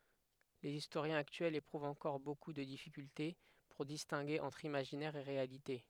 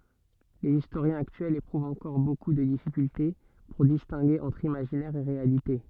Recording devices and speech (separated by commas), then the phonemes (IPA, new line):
headset microphone, soft in-ear microphone, read sentence
lez istoʁjɛ̃z aktyɛlz epʁuvt ɑ̃kɔʁ boku də difikylte puʁ distɛ̃ɡe ɑ̃tʁ imaʒinɛʁ e ʁealite